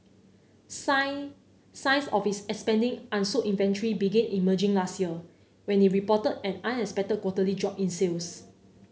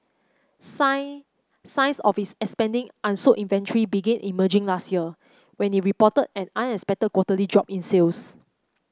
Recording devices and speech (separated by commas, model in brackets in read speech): mobile phone (Samsung C9), close-talking microphone (WH30), read sentence